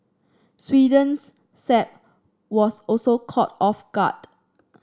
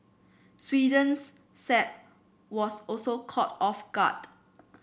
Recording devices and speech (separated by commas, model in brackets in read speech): standing microphone (AKG C214), boundary microphone (BM630), read sentence